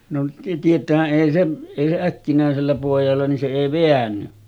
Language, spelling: Finnish, no tietäähän ei se ei se äkkinäisellä pojalla niin se ei väänny
- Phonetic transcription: no tiet̀äähä’ ’èi se , èi se 'äkkinä̀esellä pòijalla nin se 'èi "veänny .

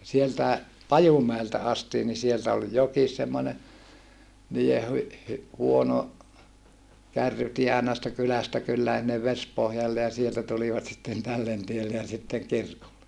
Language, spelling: Finnish, sieltäkin Pajumäeltä asti niin sieltä oli jokin semmoinen niiden - - huono kärrytie aina sitten kylästä kylään sinne Vesipohjalle ja sieltä tulivat sitten tälle tielle ja sitten kirkolle
- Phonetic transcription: sieltäe , Pajumäeltä astii ni sieltä ol jokis semmone , nii₍e hy - hy- , huono , kärrytie àena sitte kylästä kyllään̬ sinnev Vespohjalle ja sieltä tulivat sitten tällen tielle ja sitteŋ kirkolle .

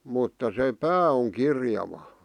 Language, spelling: Finnish, mutta se pää on kirjava
- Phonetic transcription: mutta se "pää oŋ 'kirjava .

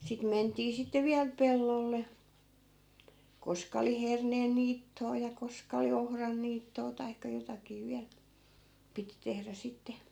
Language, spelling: Finnish, sitten mentiin sitten vielä pellolle koska oli herneen niittoa ja koska oli ohran niittoa tai jotakin vielä piti tehdä sitten
- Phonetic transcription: sit 'mentii sitte 'viäl "pellolle , 'koska oli 'herneen 'niitto₍a ja 'koska oli 'ohran 'niittoo taikka 'jotakii 'viäl , 'piti tehrä 'sitte .

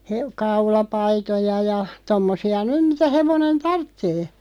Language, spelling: Finnish, - kaulapaitoja ja tuommoisia nyt mitä hevonen tarvitsee
- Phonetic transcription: hev- , 'kaula"paitoja ja , 'tommosi₍a "nym mitä 'hevonen "tarttee .

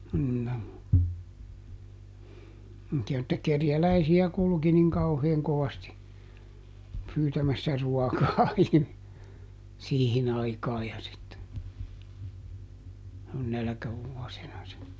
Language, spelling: Finnish, no semmoisia että kerjäläisiä kulki niin kauhean kovasti pyytämässä ruokaa - siihen aikaan ja sitten - nälkävuosina se
- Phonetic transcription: no , (semmotti₍a) että ˈkerjäläisi₍ä ˈkulki niŋ ˈkauheeŋ ˈkovasti , ˈpyytämässä ˈruɔkaa ˈihmi- , ˈsiihin ‿aikaa ja sitte , -- ˈnälkävuɔsina se .

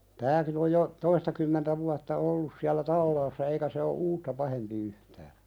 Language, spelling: Finnish, tämäkin on jo toistakymmentä vuotta ollut siellä talaassa eikä se ole uutta pahempi yhtään
- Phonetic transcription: 'tääkin ‿oj jo , "toistakymmentä vuatta 'ollus siällä "tallaassa 'eikä se o "uutta pahempi 'yhtää .

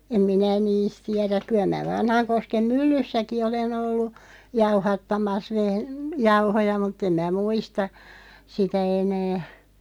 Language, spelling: Finnish, en minä niistä tiedä kyllä minä Vanhankosken myllyssäkin olen ollut jauhattamassa - jauhoja mutta en minä muista sitä enää
- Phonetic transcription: 'em minä "niisᵗ 'tiärä , 'kyˡä m(in)ä 'Vanhaŋkoskem "myllyssäki 'olen ‿ollu , 'jauhattamas veh- , 'jauhoja mut'ᵗ ‿em mää "muista , 'sitä 'enää .

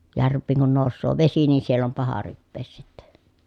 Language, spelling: Finnish, järviin kun nousee vesi niin siellä on paha rypeä sitten
- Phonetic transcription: järv̆viiŋ kun nòussoo vesi nii siell ‿om paha ryppees sitte .

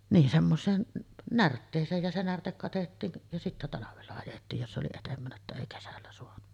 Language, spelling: Finnish, niin semmoiseen närtteeseen ja se närte katettiin ja sitten talvella ajettiin jos oli edempänä että ei kesällä saanut
- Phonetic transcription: niin semmoseen , 'närttees̀eej ja se 'närtek katettiin , ja sittä 'talavella ajettiij 'jos ’oli etempänä että èi 'kesällä soanu .

